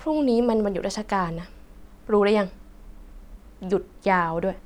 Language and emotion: Thai, frustrated